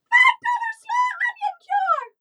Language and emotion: English, neutral